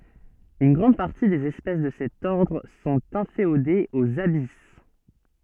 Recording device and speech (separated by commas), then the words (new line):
soft in-ear microphone, read sentence
Une grande partie des espèces de cet ordre sont inféodées aux abysses.